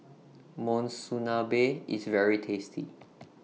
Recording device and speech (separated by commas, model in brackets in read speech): mobile phone (iPhone 6), read sentence